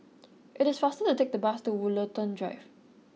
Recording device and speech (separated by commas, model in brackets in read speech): mobile phone (iPhone 6), read sentence